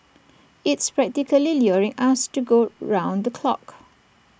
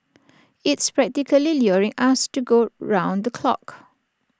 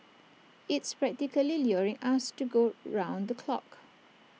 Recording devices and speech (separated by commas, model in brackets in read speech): boundary microphone (BM630), standing microphone (AKG C214), mobile phone (iPhone 6), read sentence